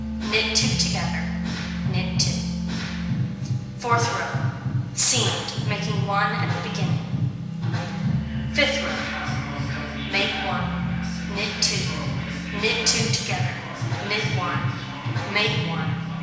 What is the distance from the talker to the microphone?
1.7 m.